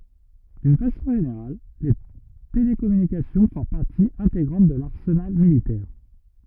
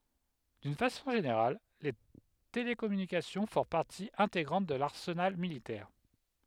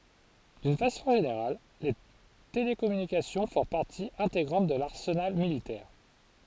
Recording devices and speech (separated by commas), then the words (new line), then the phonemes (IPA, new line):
rigid in-ear microphone, headset microphone, forehead accelerometer, read sentence
D'une façon générale, les télécommunications font partie intégrante de l'arsenal militaire.
dyn fasɔ̃ ʒeneʁal le telekɔmynikasjɔ̃ fɔ̃ paʁti ɛ̃teɡʁɑ̃t də laʁsənal militɛʁ